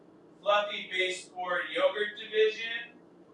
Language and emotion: English, sad